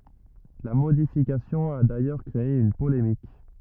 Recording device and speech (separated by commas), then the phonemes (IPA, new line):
rigid in-ear microphone, read sentence
la modifikasjɔ̃ a dajœʁ kʁee yn polemik